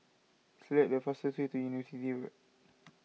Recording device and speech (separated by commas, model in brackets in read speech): mobile phone (iPhone 6), read sentence